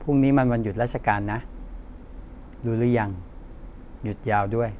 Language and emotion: Thai, neutral